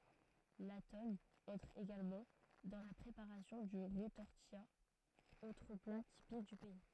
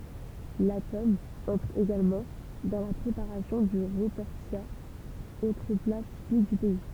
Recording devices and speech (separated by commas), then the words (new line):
throat microphone, temple vibration pickup, read sentence
La tome entre également dans la préparation du retortillat, autre plat typique du pays.